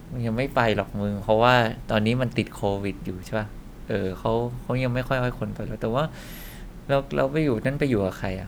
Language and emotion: Thai, neutral